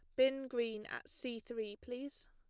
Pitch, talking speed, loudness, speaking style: 245 Hz, 170 wpm, -40 LUFS, plain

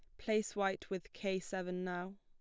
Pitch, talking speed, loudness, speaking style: 190 Hz, 180 wpm, -39 LUFS, plain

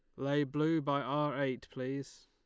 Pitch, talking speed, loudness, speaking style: 140 Hz, 175 wpm, -35 LUFS, Lombard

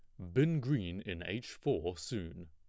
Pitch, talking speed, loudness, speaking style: 100 Hz, 170 wpm, -36 LUFS, plain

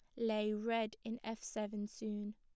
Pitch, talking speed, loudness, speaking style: 215 Hz, 165 wpm, -41 LUFS, plain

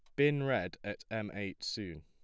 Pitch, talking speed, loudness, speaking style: 110 Hz, 195 wpm, -36 LUFS, plain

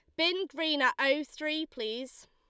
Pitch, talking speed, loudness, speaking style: 305 Hz, 170 wpm, -30 LUFS, Lombard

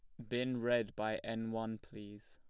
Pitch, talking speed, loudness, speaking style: 115 Hz, 185 wpm, -38 LUFS, plain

